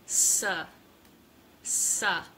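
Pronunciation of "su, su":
The vowel in 'su' is a schwa, an uh sound.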